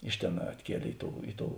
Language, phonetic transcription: Lithuanian, ˈiš ˌtėn atˈkielė ˈi ˌtou ˈi ˌtou

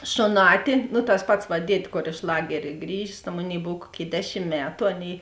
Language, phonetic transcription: Lithuanian, šoˈnāti nu tas ˈpats va ˈdied' ˈkor iš ˈlagerė ˈgrįžės ta ˈmoˌnėi ˈbov ˈkuoˌkėi ˈdeˌšim ˈmetu ˈaˌnėi

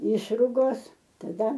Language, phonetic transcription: Lithuanian, ˈišrugos taˈda

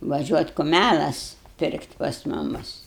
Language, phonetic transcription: Lithuanian, vaˈžiuot' kuˈmælas ˈpirkti' pas ˈmumus

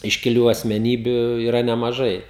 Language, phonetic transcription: Lithuanian, iškiˈlių asmeˈnybiu yˈra nemaˈžai

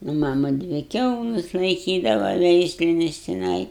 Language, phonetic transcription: Lithuanian, nu ˈmama ˈdvi ˈkiaulas laiˈkydava ˈveislinis tiˈnai

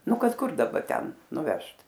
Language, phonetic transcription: Lithuanian, ˈnu ˈkad ˈkur daˈba ˈten nuˈvežt

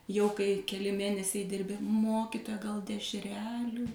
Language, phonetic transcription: Lithuanian, jau kai keˈli ˈmėnesiai ˈdirbi ˈmokitoja gal dešˈrelių

